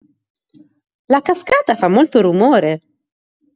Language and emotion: Italian, surprised